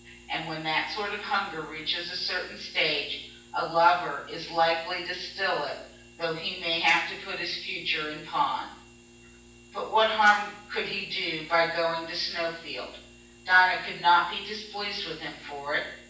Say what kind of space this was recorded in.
A large space.